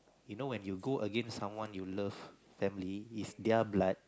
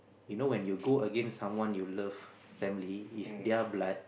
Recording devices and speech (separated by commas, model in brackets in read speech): close-talking microphone, boundary microphone, conversation in the same room